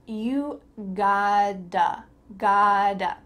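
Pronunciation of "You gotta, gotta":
In 'gotta', the middle sound is a d, not a t.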